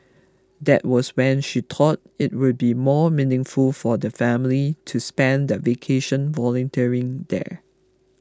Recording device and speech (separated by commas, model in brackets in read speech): close-talking microphone (WH20), read sentence